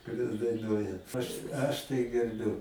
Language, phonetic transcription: Lithuanian, kuˈrias daiˈnuoja aš ˈaš tai gerˈbiu

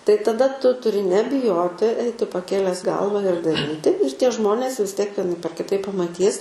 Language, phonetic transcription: Lithuanian, tai taˈda ˈtu tuˈri nebiˈjoti ˈaiti paˈkėles ˈgalva ir daˈryti ir tie ˈžmonės vis ˈtiek vieˈnaip ar kiˈtaip pamaˈtys

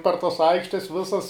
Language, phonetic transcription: Lithuanian, par tas ˈaikštes ˈvisas

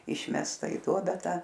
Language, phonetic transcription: Lithuanian, ˈišmesta i ˈduobe ˈta

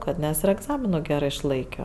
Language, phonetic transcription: Lithuanian, ˈkad ˈnes ir egˈzamino ˈgerɜ išˈlaikio

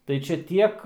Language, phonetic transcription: Lithuanian, tai ˈčia ˈtiek

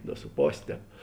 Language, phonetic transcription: Lithuanian, do su ˈpos' ˈtēp

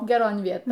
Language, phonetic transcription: Lithuanian, geˈron ˈvieton

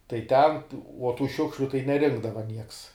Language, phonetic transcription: Lithuanian, tai ˈten uo tų ˈšiukšliu tai neˈrinkdava nieks

